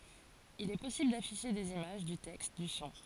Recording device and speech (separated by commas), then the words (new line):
forehead accelerometer, read sentence
Il est possible d'afficher des images, du texte, du son.